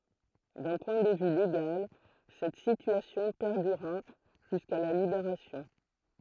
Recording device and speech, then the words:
throat microphone, read sentence
D'un point de vue légal, cette situation perdura jusqu'à la Libération.

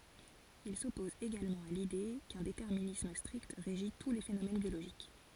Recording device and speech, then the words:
forehead accelerometer, read sentence
Il s'oppose également à l'idée qu'un déterminisme strict régit tous les phénomènes biologiques.

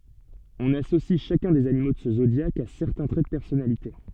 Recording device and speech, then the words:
soft in-ear microphone, read sentence
On associe chacun des animaux de ce zodiaque à certains traits de personnalité.

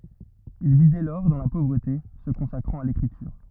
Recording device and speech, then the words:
rigid in-ear microphone, read sentence
Il vit dès lors dans la pauvreté, se consacrant à l'écriture.

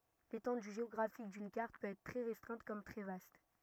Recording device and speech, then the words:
rigid in-ear microphone, read sentence
L'étendue géographique d'une carte peut être très restreinte comme très vaste.

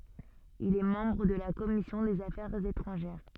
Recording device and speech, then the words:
soft in-ear microphone, read sentence
Il est membre de la commission des affaires étrangères.

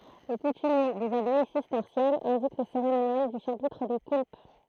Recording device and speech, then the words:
throat microphone, read sentence
Les coutumiers des abbayes cisterciennes indiquent le cérémonial du chapitre des coulpes.

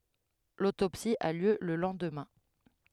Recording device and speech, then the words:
headset microphone, read sentence
L'autopsie a lieu le lendemain.

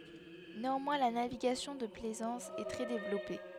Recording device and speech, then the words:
headset microphone, read sentence
Néanmoins la navigation de plaisance est très développée.

